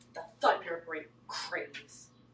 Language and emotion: English, disgusted